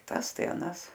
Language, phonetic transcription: Lithuanian, ˈtas ˈtai aˈnas

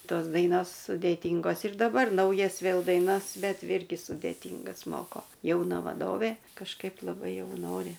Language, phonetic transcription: Lithuanian, ˈtos ˈdainos sudėˈtyngos ir daˈbar ˈnaujas ˈvėl daiˈnas ˈbet ˈirgi sudėˈtyngas ˈmoko jauˈna vaˈdovė kažˈkaip laˈbai ˈjau ˈnori

